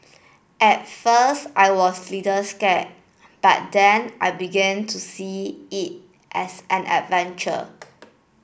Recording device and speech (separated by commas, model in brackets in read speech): boundary microphone (BM630), read sentence